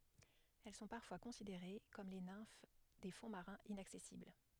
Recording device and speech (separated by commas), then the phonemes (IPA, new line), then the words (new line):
headset microphone, read sentence
ɛl sɔ̃ paʁfwa kɔ̃sideʁe kɔm le nɛ̃f de fɔ̃ maʁɛ̃z inaksɛsibl
Elles sont parfois considérées comme les nymphes des fonds marins inaccessibles.